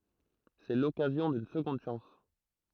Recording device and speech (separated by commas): throat microphone, read sentence